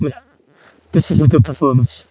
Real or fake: fake